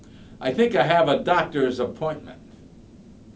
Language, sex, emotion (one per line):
English
male
neutral